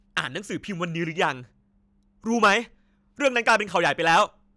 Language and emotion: Thai, frustrated